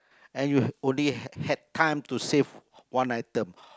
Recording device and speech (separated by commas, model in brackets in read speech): close-talking microphone, conversation in the same room